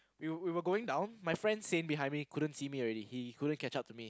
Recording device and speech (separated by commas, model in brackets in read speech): close-talking microphone, conversation in the same room